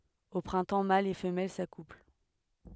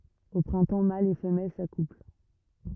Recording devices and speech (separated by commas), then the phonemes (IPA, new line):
headset microphone, rigid in-ear microphone, read sentence
o pʁɛ̃tɑ̃ malz e fəmɛl sakupl